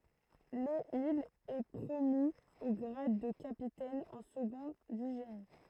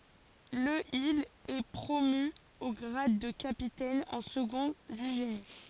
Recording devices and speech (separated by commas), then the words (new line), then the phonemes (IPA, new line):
throat microphone, forehead accelerometer, read sentence
Le il est promu au grade de capitaine en second du génie.
lə il ɛ pʁomy o ɡʁad də kapitɛn ɑ̃ səɡɔ̃ dy ʒeni